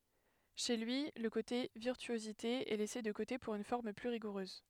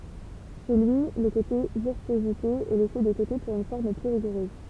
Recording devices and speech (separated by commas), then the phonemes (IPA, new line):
headset microphone, temple vibration pickup, read sentence
ʃe lyi lə kote viʁtyozite ɛ lɛse də kote puʁ yn fɔʁm ply ʁiɡuʁøz